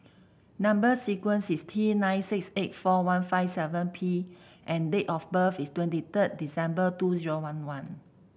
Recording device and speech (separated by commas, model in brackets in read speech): boundary microphone (BM630), read sentence